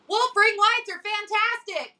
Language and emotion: English, neutral